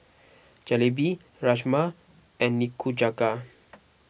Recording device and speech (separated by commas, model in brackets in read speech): boundary microphone (BM630), read sentence